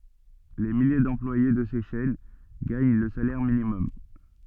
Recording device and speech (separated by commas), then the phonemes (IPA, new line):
soft in-ear microphone, read sentence
le milje dɑ̃plwaje də se ʃɛn ɡaɲ lə salɛʁ minimɔm